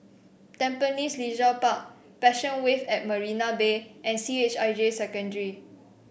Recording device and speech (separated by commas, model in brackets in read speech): boundary microphone (BM630), read sentence